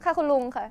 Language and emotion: Thai, neutral